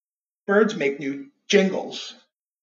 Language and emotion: English, fearful